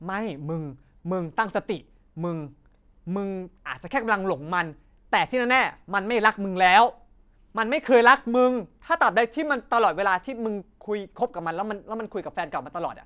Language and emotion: Thai, angry